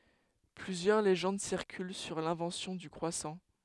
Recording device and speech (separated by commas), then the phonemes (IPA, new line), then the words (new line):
headset microphone, read sentence
plyzjœʁ leʒɑ̃d siʁkyl syʁ lɛ̃vɑ̃sjɔ̃ dy kʁwasɑ̃
Plusieurs légendes circulent sur l'invention du croissant.